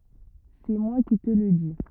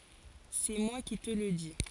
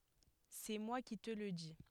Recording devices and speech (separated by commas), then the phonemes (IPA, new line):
rigid in-ear microphone, forehead accelerometer, headset microphone, read sentence
sɛ mwa ki tə lə di